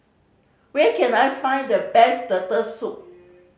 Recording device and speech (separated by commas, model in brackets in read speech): mobile phone (Samsung C5010), read sentence